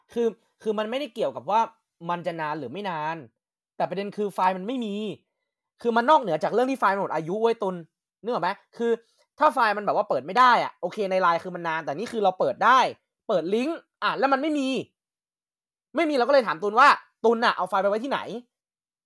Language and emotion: Thai, frustrated